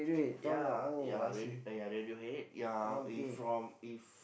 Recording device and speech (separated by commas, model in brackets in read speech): boundary microphone, conversation in the same room